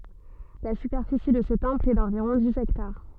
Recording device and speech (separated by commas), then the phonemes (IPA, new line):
soft in-ear microphone, read sentence
la sypɛʁfisi də sə tɑ̃pl ɛ dɑ̃viʁɔ̃ diz ɛktaʁ